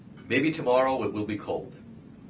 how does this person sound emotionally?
neutral